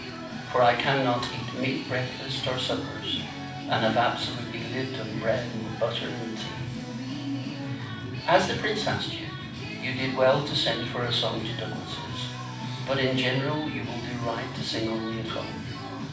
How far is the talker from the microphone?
5.8 m.